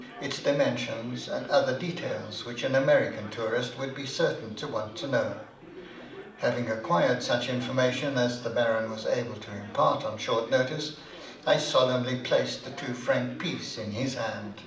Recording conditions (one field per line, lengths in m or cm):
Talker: one person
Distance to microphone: 2.0 m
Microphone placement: close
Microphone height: 99 cm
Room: medium-sized (5.7 m by 4.0 m)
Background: babble